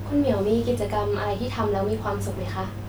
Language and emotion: Thai, neutral